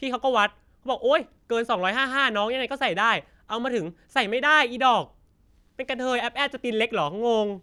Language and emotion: Thai, frustrated